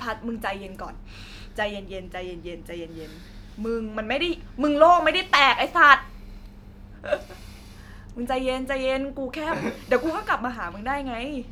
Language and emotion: Thai, happy